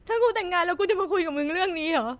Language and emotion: Thai, sad